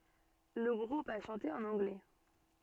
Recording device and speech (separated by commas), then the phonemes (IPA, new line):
soft in-ear microphone, read sentence
lə ɡʁup a ʃɑ̃te ɑ̃n ɑ̃ɡlɛ